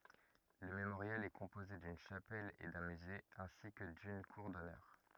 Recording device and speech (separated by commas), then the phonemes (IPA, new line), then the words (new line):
rigid in-ear microphone, read sentence
lə memoʁjal ɛ kɔ̃poze dyn ʃapɛl e dœ̃ myze ɛ̃si kə dyn kuʁ dɔnœʁ
Le Mémorial est composé d'une chapelle et d'un musée ainsi que d'une cour d'Honneur.